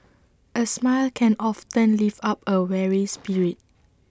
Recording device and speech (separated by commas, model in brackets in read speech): standing microphone (AKG C214), read sentence